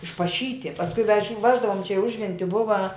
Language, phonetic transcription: Lithuanian, išpaˈšyti pasˈkui vež' ˈveždavum čia į ˈužventi ˈbuva

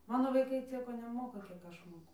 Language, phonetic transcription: Lithuanian, ˈmano vaiˈkai ˈcieko neˈmoka kiek ˈaš ˈmoku

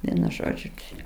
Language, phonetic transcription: Lithuanian, ˈvienu ˈžodžiu ˈčia

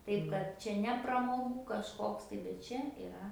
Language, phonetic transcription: Lithuanian, ˈtaip kad ˈčia ne pramoˈgų kažˈkoks tai bet ˈčia iˈra

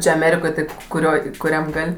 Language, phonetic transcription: Lithuanian, ˈčia aˈmerikoj ˈtaip kuˈrioj kuˈriam ˈgal'

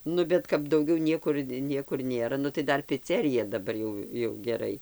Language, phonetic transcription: Lithuanian, ˈnu bet kap dauˈgiau nieˈkur ˈniekur ˈnėra ˈnu tai ˈdar piˈcerija daˈbar jau jau geˈrai

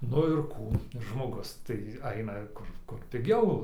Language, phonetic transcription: Lithuanian, ˈnu ir ˈkų žmoˈgus tai ˈaina ˈkur ˈkur piˈgiau

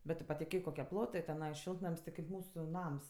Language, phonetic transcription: Lithuanian, bet ˈtu patiˈkėk koˈkie ˈplotɜ teˈnai ˈšiltnam's' ti kaip ˈmūsu ˈnams

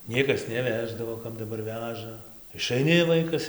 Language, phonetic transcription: Lithuanian, ˈniekas neˈveždavo kad daˈbar ˈveža išaiˈni ˈvaikas

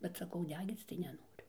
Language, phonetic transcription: Lithuanian, bet saˈkau ˈdegyc tai neˈnoriu

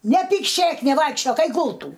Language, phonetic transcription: Lithuanian, nepykˈšėk neˈvaikščiok ˈeik ˈgultų

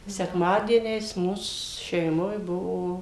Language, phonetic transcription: Lithuanian, sekˈmadieniais ˈmūs šeiˈmoj ˈbuvo

